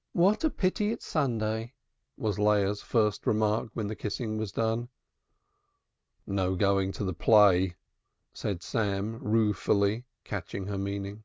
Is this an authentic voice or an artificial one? authentic